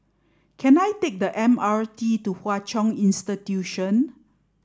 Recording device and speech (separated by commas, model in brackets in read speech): standing microphone (AKG C214), read sentence